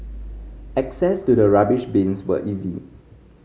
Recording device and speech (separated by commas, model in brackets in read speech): mobile phone (Samsung C5010), read sentence